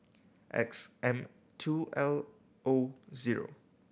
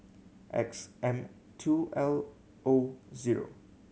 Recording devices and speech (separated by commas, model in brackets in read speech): boundary microphone (BM630), mobile phone (Samsung C7100), read sentence